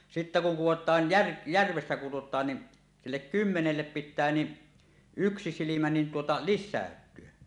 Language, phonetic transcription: Finnish, 'sittä kuŋ "kuwot̀aan̳ jär- , "järvessä (kuwot̀aan) ni , 'sillek "kymmenellep pit̆tää ni , 'yksi silimä nin tuota "lissä̀öt̀yö .
- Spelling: sitten kun kudotaan - järvessä kudotaan niin sille kymmenelle pitää niin yksi silmä niin tuota lisääntyä

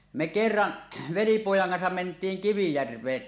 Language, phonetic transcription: Finnish, me ’kerraˀ , velipòjaŋ kansam ment̀iiŋ "Kivijärveen .
- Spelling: me kerran velipojan kanssa mentiin Kivijärveen

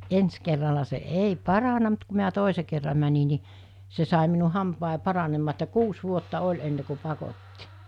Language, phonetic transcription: Finnish, 'ens kerrala se 'ei "parana mut ku miä 'tòise kerra mäni ni , 'se sài minu 'hampài 'paranemmaa että 'kuus 'vuotta 'oĺ enne ku 'pakotti .
- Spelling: ensi kerralla se ei parantunut mutta kun minä toisen kerran menin niin se sai minun hampaani paranemaan että kuusi vuotta oli ennen kuin pakotti

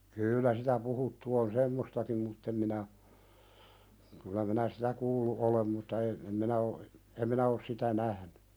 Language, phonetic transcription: Finnish, kyyllä sitä 'puhuttu on "semmostakim mutt ‿em minä , kylä minä "sitä kuullu '’olem mutta e- , em 'minä o , em 'minä os sitä "nähny .
- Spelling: kyllä sitä puhuttu on semmoistakin mutta en minä kyllä minä sitä kuullut olen mutta - en minä on en minä ole sitä nähnyt

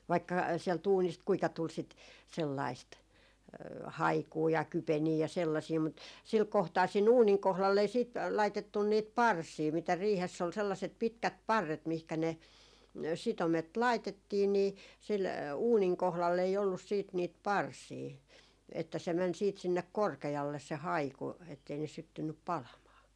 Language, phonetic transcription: Finnish, vaikka , 'siɛl't ‿uunist 'kuika tul sit , 'sellaist , "haikuu ja "kypenii ja 'sellasii mut , 'sil 'kohtaa sii'n ‿uuniŋ kohlall ‿ei siit , laitettun niit "parsii mitä 'riihess ‿ol 'sellaset 'pitkät "parret mihkä ne , 'sitomet "laitettii nii , sil , 'uuniŋ 'kohlall ‿ei ollus siit niit "parsii , että se 'mɛn siit sinnek "korke₍alle se "haiku ettei ne 'syttynnyp "palamaa .
- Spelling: vaikka sieltä uunista kuinka tuli sitä sellaista haikua ja kypeniä ja sellaisia mutta sillä kohtaa siinä uunin kohdalla ei sitten laitettu niitä parsia mitä riihessä oli sellaiset pitkät parret mihinkä ne sitomet laitettiin niin sillä uunin kohdalla ei ollut sitten niitä parsia että se meni sitten sinne korkealle se haiku että ei ne syttynyt palamaan

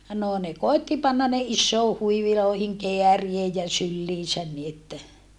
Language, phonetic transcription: Finnish, noo ne koetti pannan ne issoo huivilòi̮hiŋ keäriej ja sylliisän ni että ,.
- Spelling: no ne koetti panna ne isoihin huiveihin kääriä ja syliinsä niin että

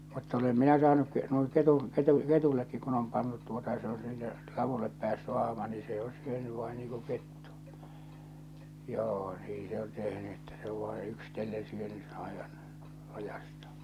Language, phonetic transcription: Finnish, mutta olem 'minä saanuk ke- nuiŋ ketuŋ , ketu- , 'ketuillekkik kun ‿om pantut tuota ja se o sille , 'lavullep päässy 'ahma nii se o 'syöny vain niiŋ ku 'kettᴜ , 'joo , 'nii se on 'tehny että se ov vai 'yksⁱtellen syöny , 'aevan , 'lajastᴀᴀ .
- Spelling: mutta olen minä saanut - noin ketun - ketuillekin kun on pantu tuota ja se on sille ladulle päässyt ahma niin se on syönyt vain niin kuin kettu joo niin se on tehnyt että se on vain yksitellen syönyt aivan laidastaan

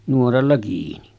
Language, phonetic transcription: Finnish, nuoralla kiini .
- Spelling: nuoralla kiinni

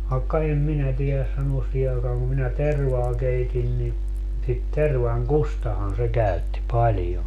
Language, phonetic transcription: Finnish, vaekka 'em 'minä tieläs 'sanuos 'siihe aekaaŋ ku minä "tervaa 'keitin ni , sit 'tervaŋ"kustahan se 'käytti "paĺjon .
- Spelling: vaikka en minä tiedä sanoa siihen aikaan kun minä tervaa keitin niin sitä tervankustahan se käytti paljon

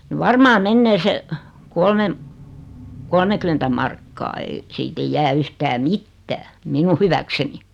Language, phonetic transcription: Finnish, ni "varmaa "mennee se , 'kolmem- , 'kolmekymentä markkaa ei , 'siit ‿eij 'jää 'yhtää "mittää , 'minu hyväkseni .
- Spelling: niin varmaan menee se - kolmekymmentä markkaa ei siitä ei jää yhtään mitään minun hyväkseni

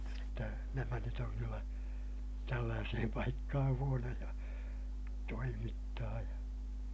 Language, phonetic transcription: Finnish, jotta nämä nyt oŋ kyllä , tällääsehem paikkahaa̰ huonoja , toimittaa ja , .
- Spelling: jotta nämä nyt on kyllä tällaiseen paikkaan huonoja toimittaa ja

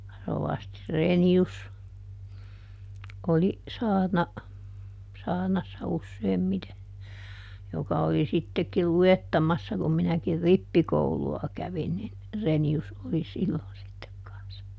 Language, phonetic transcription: Finnish, ˈrovasti "Reeni₍us ˈoli , ˈsaarna , ˈsaarnassa ˈusseem"mite , ˈjoka oli ˈsittekil "lu₍ettamassa kum ˈminäkir "rippikoulu₍a ˈkävin nin , ˈReni₍us oli ˈsillon sittek kans(sa) .
- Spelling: rovasti Reinius oli saarna saarnassa useimmiten joka oli sittenkin luettamassa kun minäkin rippikoulua kävin niin Reinius oli silloin sitten kanssa

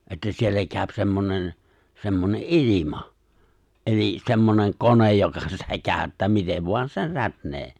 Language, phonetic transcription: Finnish, että 'siellä kääᵒ̈p 'semmonen , 'semmone’ "’ilima , ’elis sḙmmoneŋ 'konej joka sitä 'kääᵒ̈ttää 'mitev voan 'sen̬ 'rätnee .
- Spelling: että siellä käy semmoinen semmoinen ilma eli semmoinen kone joka sitä käyttää miten vain sen rätnää

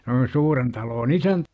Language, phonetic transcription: Finnish, s ‿oli 'suuren taloon "isäntä .
- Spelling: se oli suuren talon isäntä

